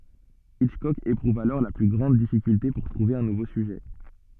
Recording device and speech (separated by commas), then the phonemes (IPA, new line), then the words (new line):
soft in-ear microphone, read sentence
itʃkɔk epʁuv alɔʁ le ply ɡʁɑ̃d difikylte puʁ tʁuve œ̃ nuvo syʒɛ
Hitchcock éprouve alors les plus grandes difficultés pour trouver un nouveau sujet.